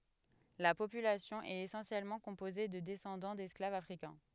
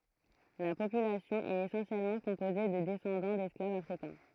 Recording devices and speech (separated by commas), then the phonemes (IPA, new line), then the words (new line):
headset microphone, throat microphone, read sentence
la popylasjɔ̃ ɛt esɑ̃sjɛlmɑ̃ kɔ̃poze də dɛsɑ̃dɑ̃ dɛsklavz afʁikɛ̃
La population est essentiellement composée de descendants d'esclaves africains.